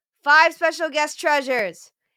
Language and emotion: English, neutral